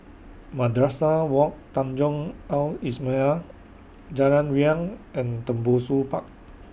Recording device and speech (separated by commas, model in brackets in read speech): boundary microphone (BM630), read sentence